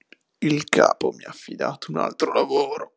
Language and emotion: Italian, disgusted